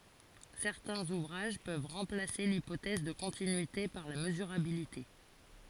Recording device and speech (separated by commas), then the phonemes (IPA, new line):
forehead accelerometer, read sentence
sɛʁtɛ̃z uvʁaʒ pøv ʁɑ̃plase lipotɛz də kɔ̃tinyite paʁ la məzyʁabilite